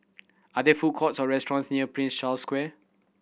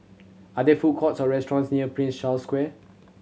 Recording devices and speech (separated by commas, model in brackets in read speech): boundary microphone (BM630), mobile phone (Samsung C7100), read sentence